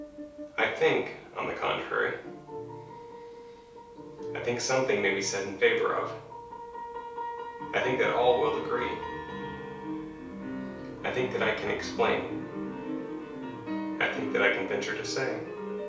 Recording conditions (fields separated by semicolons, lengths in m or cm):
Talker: one person; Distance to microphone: 3.0 m; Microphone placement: far; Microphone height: 1.8 m; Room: small (3.7 m by 2.7 m); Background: music